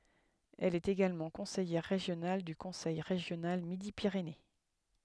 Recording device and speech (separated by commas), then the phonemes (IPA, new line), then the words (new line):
headset microphone, read sentence
ɛl ɛt eɡalmɑ̃ kɔ̃sɛjɛʁ ʁeʒjonal dy kɔ̃sɛj ʁeʒjonal midi piʁene
Elle est également conseillère régionale du Conseil régional Midi-Pyrénées.